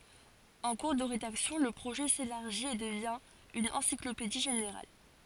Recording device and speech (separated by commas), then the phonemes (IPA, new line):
forehead accelerometer, read sentence
ɑ̃ kuʁ də ʁedaksjɔ̃ lə pʁoʒɛ selaʁʒit e dəvjɛ̃ yn ɑ̃siklopedi ʒeneʁal